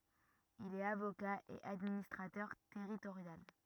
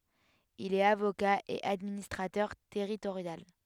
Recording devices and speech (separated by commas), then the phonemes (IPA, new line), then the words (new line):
rigid in-ear microphone, headset microphone, read sentence
il ɛt avoka e administʁatœʁ tɛʁitoʁjal
Il est avocat et administrateur territorial.